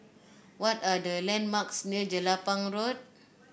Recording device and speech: boundary microphone (BM630), read sentence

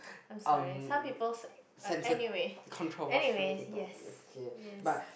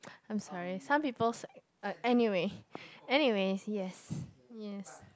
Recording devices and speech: boundary microphone, close-talking microphone, conversation in the same room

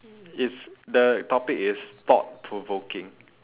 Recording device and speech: telephone, conversation in separate rooms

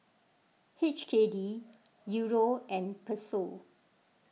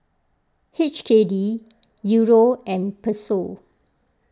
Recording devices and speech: mobile phone (iPhone 6), close-talking microphone (WH20), read sentence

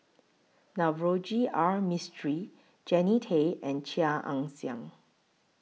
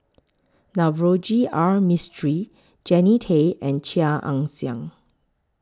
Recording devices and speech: mobile phone (iPhone 6), close-talking microphone (WH20), read sentence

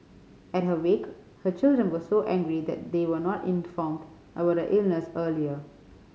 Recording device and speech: mobile phone (Samsung C5010), read sentence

